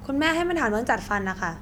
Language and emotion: Thai, neutral